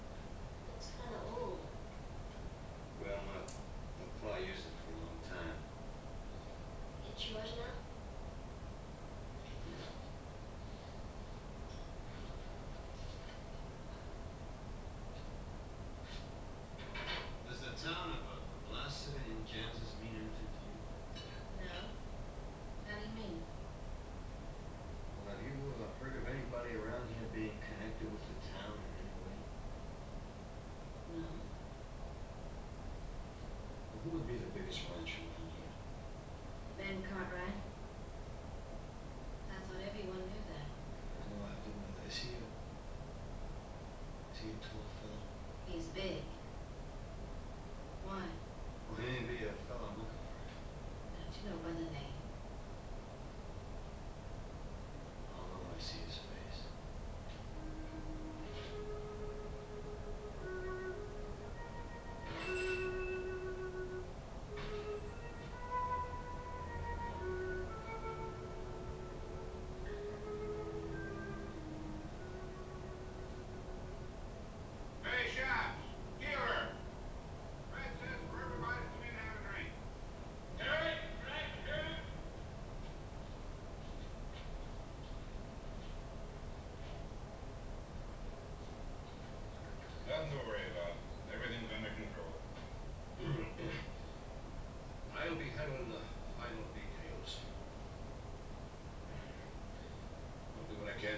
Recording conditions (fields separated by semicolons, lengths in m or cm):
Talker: no one; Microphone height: 1.8 m; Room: small (3.7 m by 2.7 m); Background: television